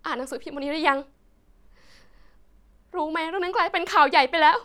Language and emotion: Thai, sad